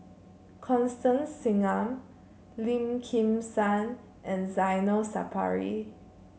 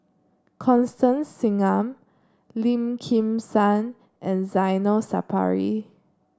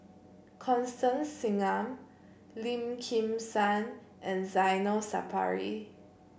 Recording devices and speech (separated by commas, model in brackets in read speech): mobile phone (Samsung C7), standing microphone (AKG C214), boundary microphone (BM630), read sentence